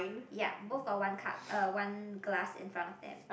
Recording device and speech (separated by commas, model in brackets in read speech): boundary microphone, conversation in the same room